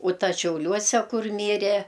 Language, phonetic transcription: Lithuanian, u ˈtas šiauˈliuose ˈkur ˈmyre

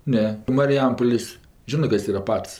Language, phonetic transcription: Lithuanian, ˈne mariˈjampolės' ˈžinɜ ˈkas ˈyra ˈpats

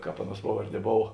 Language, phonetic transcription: Lithuanian, ˈkāp ˈaˌnuos ˈpavarˌdie ˈbov

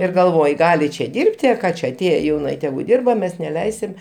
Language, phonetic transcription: Lithuanian, ir galˈvoj ˈgali čia ˈdirbti a ˈką čia aˈtėje jauˈna i ˈtegu ˈdirba ˈmes neˈleisim

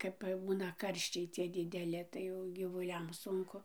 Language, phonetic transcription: Lithuanian, ˈkap ˈbūna ˈkarščiai cie dideˈli tai ˈjau gyvuˈliam ˈsunku

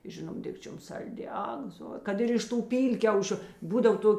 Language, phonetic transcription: Lithuanian, ˈžinom ˈdikčiom ˈsalˌdi ˈak zo ˈkad ir iš ˈtų ˈpylkiaušiu ˈbūdav ˈtok'

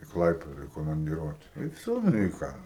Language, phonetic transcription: Lithuanian, i ˈklaipeda i komandiˈruote i ˈvsio nu i ˈką

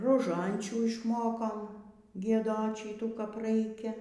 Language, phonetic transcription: Lithuanian, roˈžančių išˈmokom gieˈdot ˈšytų kap ˈraikia

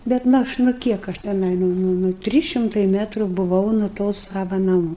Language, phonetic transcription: Lithuanian, ˈbet nu ˈaš nu ˈkiek aš teˈnai ˈnu ˈnu ˈnu ˈtrys šimˈtai ˈmetru buˈvau nu ˈto ˈsava naˈmų

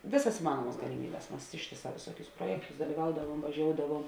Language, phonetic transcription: Lithuanian, ˈvėˌsas iˈmanuomas galiˈmybes ˈmas ˈištėˌsā vėˈsuokius ˈpruojektus dalyˈvaudavuom vaˈžioudavuom

